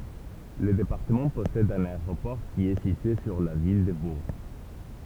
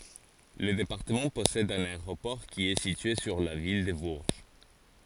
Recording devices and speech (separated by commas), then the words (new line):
temple vibration pickup, forehead accelerometer, read sentence
Le département possède un aéroport qui est situé sur la ville de Bourges.